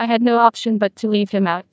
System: TTS, neural waveform model